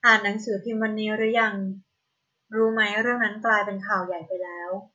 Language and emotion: Thai, neutral